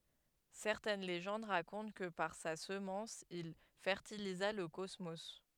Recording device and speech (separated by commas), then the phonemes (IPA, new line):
headset microphone, read sentence
sɛʁtɛn leʒɑ̃d ʁakɔ̃t kə paʁ sa səmɑ̃s il fɛʁtiliza lə kɔsmo